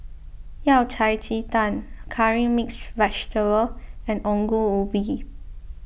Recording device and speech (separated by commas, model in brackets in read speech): boundary microphone (BM630), read sentence